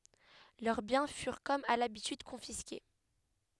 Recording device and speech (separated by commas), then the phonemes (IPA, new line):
headset microphone, read sentence
lœʁ bjɛ̃ fyʁ kɔm a labityd kɔ̃fiske